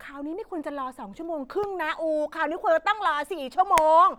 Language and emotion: Thai, angry